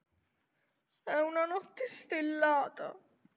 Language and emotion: Italian, sad